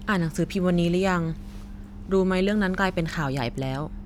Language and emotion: Thai, neutral